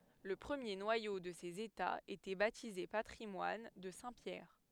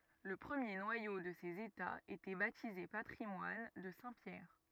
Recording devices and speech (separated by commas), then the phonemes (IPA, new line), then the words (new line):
headset microphone, rigid in-ear microphone, read sentence
lə pʁəmje nwajo də sez etaz etɛ batize patʁimwan də sɛ̃ pjɛʁ
Le premier noyau de ces États était baptisé patrimoine de saint Pierre.